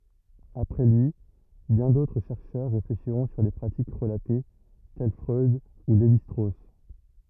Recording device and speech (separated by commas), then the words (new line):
rigid in-ear microphone, read sentence
Après lui, bien d'autres chercheurs réfléchiront sur les pratiques relatées, tels Freud ou Lévi-Strauss.